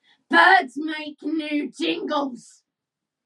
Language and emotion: English, angry